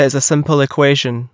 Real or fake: real